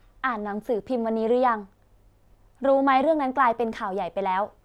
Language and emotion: Thai, frustrated